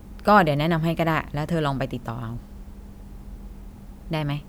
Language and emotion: Thai, neutral